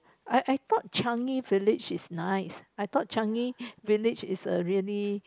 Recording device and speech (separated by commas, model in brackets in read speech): close-talking microphone, conversation in the same room